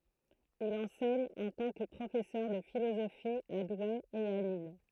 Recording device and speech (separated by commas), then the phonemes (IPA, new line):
throat microphone, read sentence
il ɑ̃sɛɲ ɑ̃ tɑ̃ kə pʁofɛsœʁ də filozofi a dwe e a lil